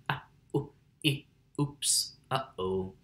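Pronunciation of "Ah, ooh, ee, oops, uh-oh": In 'ah, ooh, ee, oops, uh-oh', the pop is very snappy, clear and percussive; it does not lazily turn into a plain vowel.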